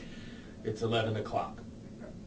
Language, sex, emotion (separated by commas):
English, male, neutral